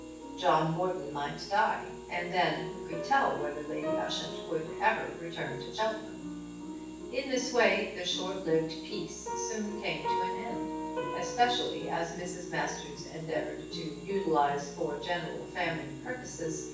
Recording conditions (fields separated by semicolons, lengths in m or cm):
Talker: one person; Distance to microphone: 9.8 m; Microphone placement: far; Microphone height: 1.8 m; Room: large; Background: music